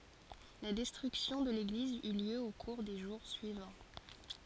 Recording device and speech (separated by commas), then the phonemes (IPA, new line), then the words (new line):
forehead accelerometer, read sentence
la dɛstʁyksjɔ̃ də leɡliz y ljø o kuʁ de ʒuʁ syivɑ̃
La destruction de l'église eut lieu au cours des jours suivants.